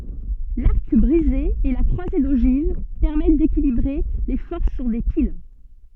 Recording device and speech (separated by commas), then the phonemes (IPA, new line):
soft in-ear microphone, read sentence
laʁk bʁize e la kʁwaze doʒiv pɛʁmɛt dekilibʁe le fɔʁs syʁ de pil